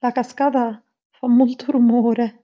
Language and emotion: Italian, fearful